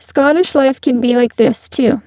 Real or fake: fake